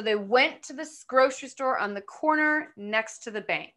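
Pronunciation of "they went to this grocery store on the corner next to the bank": The sentence is said in groups of words, with natural pauses between them.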